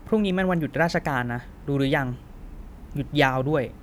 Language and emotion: Thai, frustrated